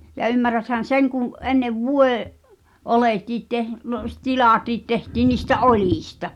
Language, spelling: Finnish, ja ymmärräthän sen kun ennen - vuodeoljetkin - - - tilatkin tehtiin niistä oljista
- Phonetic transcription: ja 'ymmäräthän̬ "seŋ kù , 'ennev "vue- , -'’olètiit teh- , (lu- s-) 'tilàtiit tehtiin niistä "’oĺìsta .

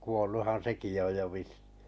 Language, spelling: Finnish, kuolluthan sekin jo on jo vissiin
- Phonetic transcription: 'kuolluhan "seki jo oj jo 'vis(sɪɪ) .

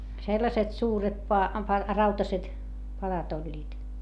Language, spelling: Finnish, sellaiset suuret - - rautaiset padat olivat
- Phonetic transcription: sellaset suuret pa- , pa- , rautaset , paδat ‿oĺĺiit .

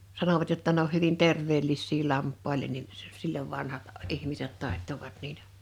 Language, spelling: Finnish, sanovat jotta ne on hyvin terveellisiä lampaille niin - - silloin vanhat ihmiset taittoivat niitä
- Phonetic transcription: 'sanovat jotta ne ‿oh 'hyvin 'terv̀eellissii 'lamppailen nin , s- s- 'sillov 'vanhat , 'ihmiset 'tàḙttovat niitä .

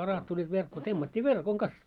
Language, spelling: Finnish, kalat tulivat verkkoon temmattiin verkon kanssa
- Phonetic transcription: 'kalat tuĺĺiit 'verkkoo 'temmat́t́ii "verkoŋ "kas .

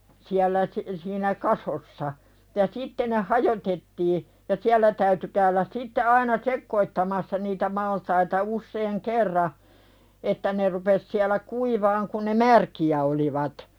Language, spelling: Finnish, ja sitten ne hajotettiin ja siellä täytyi käydä sitten aina sekoittamassa niitä maltaita usean kerran että ne rupesi siellä kuivamaan kun ne märkiä olivat
- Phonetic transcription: ja 'sitte ne "hajotettii , ja "siällä täyty käyläs 'sitte aina "sekkoittamassa niitä maltaita 'usseeŋ "kerra , 'että ne rupes siälä "kuivaaŋ kuⁿ ne "märki₍ä olivat .

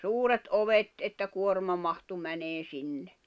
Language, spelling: Finnish, suuret ovet että kuorma mahtui menemään sinne
- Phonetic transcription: suuret '’ovet , että 'kuorma mahtu 'mäneen̬ 'sinne .

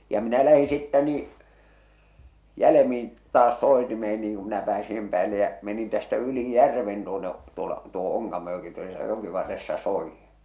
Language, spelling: Finnish, ja minä lähdin sitten niin jäljemmin taas soitimeen niin kun minä pääsin sen päälle ja menin tästä yli järven tuonne tuolla tuohon Onkamojoki tuossa jokivarressa soidin
- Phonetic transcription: ja 'minä lähi sittä nii , 'jälemin , 'taas 'sòetimeen niiŋ ku minä pääsi sem päälle jä , menin tästä 'yli "järven tuone , tuola , tuohᴏ 'Oŋkamojoki tuosa 'jokivarressa 'soijjɪɴ .

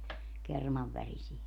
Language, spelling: Finnish, kerman värisiä
- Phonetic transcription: 'kermav värisie .

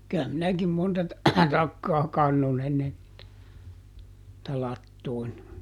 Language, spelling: Finnish, kyllä minäkin monta - takkaa kannoin ennen niitä latoon
- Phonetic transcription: ky₍ä ˈminäkim ˈmonta ta- , ˈtakkaa ˈkannon ennen , [nii]tä ˈlattoon .

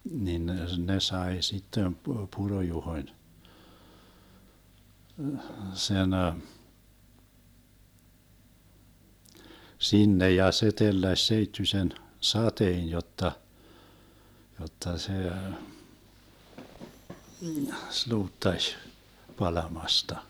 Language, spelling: Finnish, niin ne ne sai sitten - Puro-Juhon sen sinne ja se telläsi seittyisen sateen jotta jotta se sluuttasi palamasta
- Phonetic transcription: nin (ne) , 'ne 'sae sittem Pu- 'Puro-Juhoⁱn , 'sen , 'sinne ja se 'telläś 'seittysen , "sateen 'jotta , 'jotta 'se , 'sluuttaš , 'palamasta .

